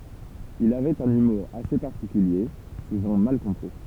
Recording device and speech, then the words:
temple vibration pickup, read sentence
Il avait un humour assez particulier, souvent mal compris.

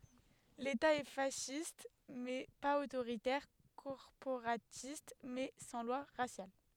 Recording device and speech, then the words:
headset microphone, read sentence
L’État est fasciste mais pas autoritaire, corporatiste mais sans lois raciales.

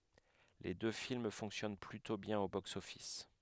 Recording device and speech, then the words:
headset microphone, read sentence
Les deux films fonctionnent plutôt bien au box-office.

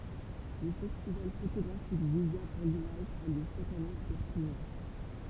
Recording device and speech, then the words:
temple vibration pickup, read sentence
Le festival photographique Visa pour l'image a lieu chaque année à Perpignan.

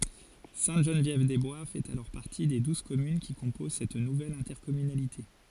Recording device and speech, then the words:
forehead accelerometer, read sentence
Sainte-Geneviève-des-Bois fait alors partie des douze communes qui composent cette nouvelle intercommunalité.

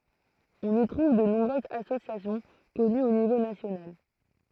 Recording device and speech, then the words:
throat microphone, read sentence
On y trouve de nombreuses associations connues au niveau national.

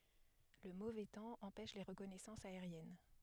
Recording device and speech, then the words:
headset microphone, read sentence
Le mauvais temps empêche les reconnaissances aériennes.

